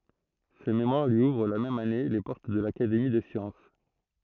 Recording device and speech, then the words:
throat microphone, read sentence
Ce mémoire lui ouvre la même année les portes de l'Académie des sciences.

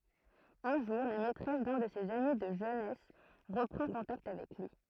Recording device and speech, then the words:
throat microphone, read sentence
Un jour, la maîtresse d’un de ses amis de jeunesse reprend contact avec lui.

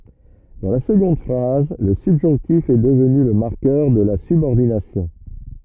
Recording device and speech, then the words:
rigid in-ear microphone, read sentence
Dans la seconde phrase, le subjonctif est devenu le marqueur de la subordination.

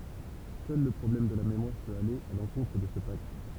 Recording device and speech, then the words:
temple vibration pickup, read sentence
Seul le problème de la mémoire peut aller à l’encontre de ce pacte.

